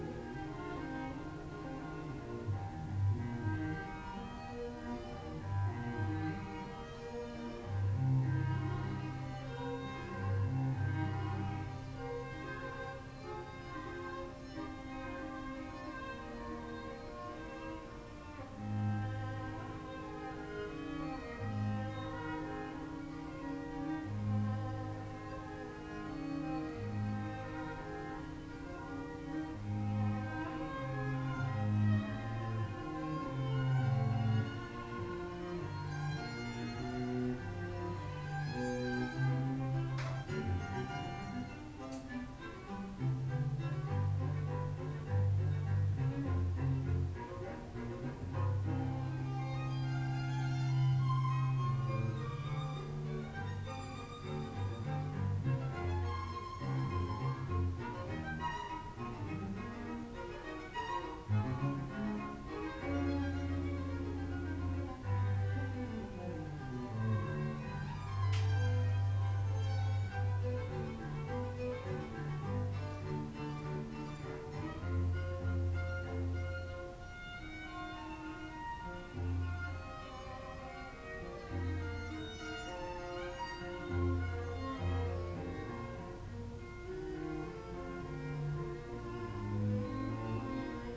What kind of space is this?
A compact room (about 3.7 m by 2.7 m).